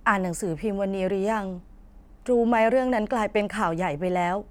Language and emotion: Thai, frustrated